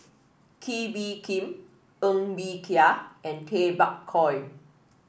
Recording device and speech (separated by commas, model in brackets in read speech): boundary microphone (BM630), read sentence